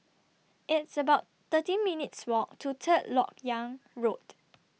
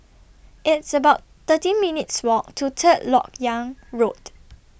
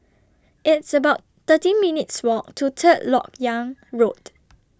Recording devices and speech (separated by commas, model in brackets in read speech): mobile phone (iPhone 6), boundary microphone (BM630), standing microphone (AKG C214), read sentence